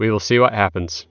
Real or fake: real